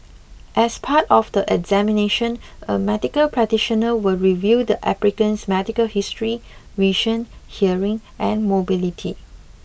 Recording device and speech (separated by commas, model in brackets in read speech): boundary microphone (BM630), read sentence